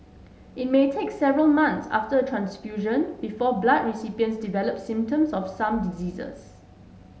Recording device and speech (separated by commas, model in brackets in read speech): mobile phone (Samsung S8), read sentence